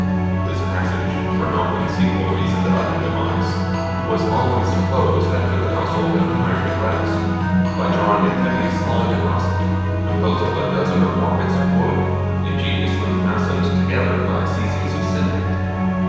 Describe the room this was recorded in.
A big, echoey room.